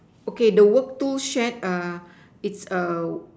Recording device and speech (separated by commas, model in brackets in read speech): standing microphone, conversation in separate rooms